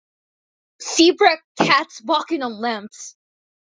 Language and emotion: English, disgusted